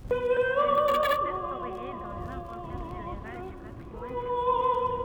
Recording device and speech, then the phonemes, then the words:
rigid in-ear microphone, read sentence
ɛl sɔ̃ ʁepɛʁtoʁje dɑ̃ lɛ̃vɑ̃tɛʁ ʒeneʁal dy patʁimwan kyltyʁɛl
Elles sont répertoriées dans l'inventaire général du patrimoine culturel.

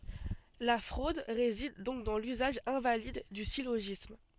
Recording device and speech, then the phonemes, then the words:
soft in-ear microphone, read sentence
la fʁod ʁezid dɔ̃k dɑ̃ lyzaʒ ɛ̃valid dy siloʒism
La fraude réside donc dans l'usage invalide du syllogisme.

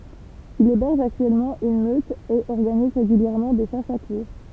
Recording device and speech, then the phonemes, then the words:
temple vibration pickup, read sentence
il ebɛʁʒ aktyɛlmɑ̃ yn møt e ɔʁɡaniz ʁeɡyljɛʁmɑ̃ de ʃasz a kuʁʁ
Il héberge actuellement une meute et organise régulièrement des chasses à courre.

